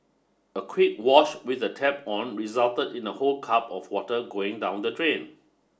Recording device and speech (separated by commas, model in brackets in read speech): standing microphone (AKG C214), read sentence